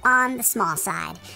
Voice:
high pitched